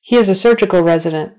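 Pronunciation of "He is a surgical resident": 'He is a surgical resident' is said at a natural speed and in a natural manner, not slowly.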